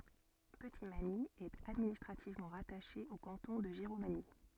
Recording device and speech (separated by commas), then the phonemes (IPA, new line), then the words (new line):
soft in-ear microphone, read sentence
pətitmaɲi ɛt administʁativmɑ̃ ʁataʃe o kɑ̃tɔ̃ də ʒiʁomaɲi
Petitmagny est administrativement rattachée au canton de Giromagny.